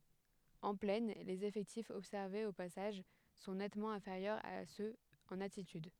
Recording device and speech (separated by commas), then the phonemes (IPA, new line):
headset microphone, read sentence
ɑ̃ plɛn lez efɛktifz ɔbsɛʁvez o pasaʒ sɔ̃ nɛtmɑ̃ ɛ̃feʁjœʁz a søz ɑ̃n altityd